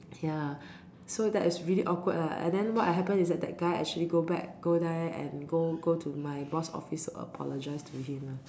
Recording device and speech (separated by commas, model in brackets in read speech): standing microphone, conversation in separate rooms